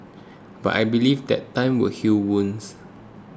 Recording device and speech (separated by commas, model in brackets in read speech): close-talking microphone (WH20), read sentence